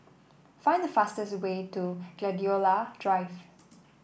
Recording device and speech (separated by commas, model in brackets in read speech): boundary microphone (BM630), read sentence